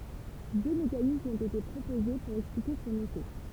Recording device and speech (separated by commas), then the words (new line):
temple vibration pickup, read sentence
Deux mécanismes ont été proposés pour expliquer son effet.